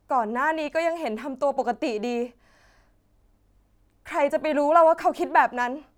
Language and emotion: Thai, sad